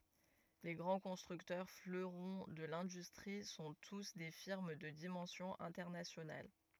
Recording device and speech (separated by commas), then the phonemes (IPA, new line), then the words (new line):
rigid in-ear microphone, read sentence
le ɡʁɑ̃ kɔ̃stʁyktœʁ fløʁɔ̃ də lɛ̃dystʁi sɔ̃ tus de fiʁm də dimɑ̃sjɔ̃ ɛ̃tɛʁnasjonal
Les grands constructeurs, fleurons de l'industrie, sont tous des firmes de dimension internationale.